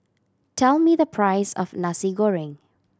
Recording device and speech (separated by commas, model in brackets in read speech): standing microphone (AKG C214), read sentence